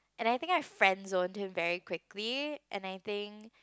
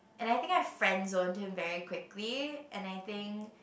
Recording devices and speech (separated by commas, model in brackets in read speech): close-talking microphone, boundary microphone, conversation in the same room